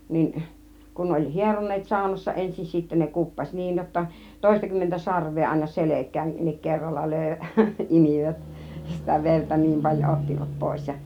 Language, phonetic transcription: Finnish, 'niin , kun ne oĺ "hieron̆neet 'sàunassa ensin 'sittä ne 'kuppaś "niij jotta , 'tòista kymmentä 'sarv̆vee àina "selek̆kään(nik) 'kerralla 'lö̀i , "imìvät , sitä "verta͕ "niim 'paĺjo 'ottivat 'pòis ja .
- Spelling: niin kun ne oli hieroneet saunassa ensin sitten ne kuppasi niin jotta - toistakymmentä sarvea aina selkäänkin kerralla löi imivät sitä verta niin paljon ottivat pois ja

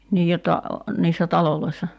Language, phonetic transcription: Finnish, 'nii jotta , 'niissä "taloloissa ?
- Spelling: niin jotta niissä taloissa

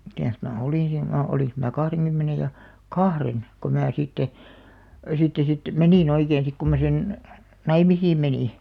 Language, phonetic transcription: Finnish, mitä̀s mä 'olin siin (mä-) 'oliŋks mää 'kahreŋkymmenej ja , "kahren , ko mää sitte , sitte 'siit , "menì'n ‿oikeen̬§ sik ku mä sen , "naimisiim 'menì .
- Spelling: mitäs minä olin siinä minä olinko minä kahdenkymmenen ja kahden kun minä sitten sitten siitä menin oikein sitten kun minä sen naimisiin menin

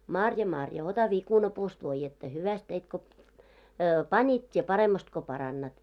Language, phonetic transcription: Finnish, 'Marja 'Marja , ota 'vikunapuust voijjetta , 'hyväst teit ko , 'pańit , 't́ie 'paremmast ko 'parannat .
- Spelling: Marja Marja ota viikunapuusta voidetta hyvästi teit kun panit tee paremmasti kun parannat

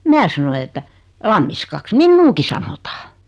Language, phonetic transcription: Finnish, 'mää sanoi että , » 'Lammiskaks "minnuuki sanota « .
- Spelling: minä sanoin että Lammiskaksi minuakin sanotaan

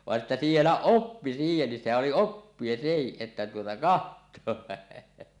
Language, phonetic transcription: Finnish, 'vàe’ ’että sielä̳ "oppi 'siihenni , 'sehäˀ ˀoli "oppie 'sehiˀ 'ˀettä tuota "kaht̀oa .
- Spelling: vain että siellä oppi siihenkin sehän oli oppia sekin että tuota katsoa

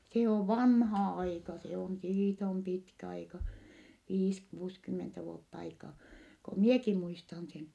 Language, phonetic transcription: Finnish, se ov vanha aika , se on siit ‿om pitkä aika , viis - kuuskymmentä vuott ‿aikaa , ko mieki muistan sen .
- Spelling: se on vanha aika se on siitä on pitkä aika viisi kuusikymmentä vuotta aikaa kun minäkin muistan sen

